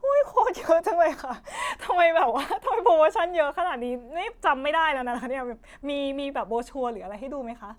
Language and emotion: Thai, happy